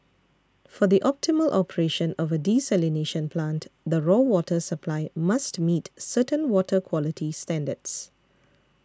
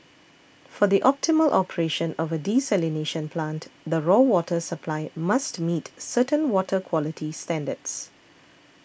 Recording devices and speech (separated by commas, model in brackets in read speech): standing microphone (AKG C214), boundary microphone (BM630), read sentence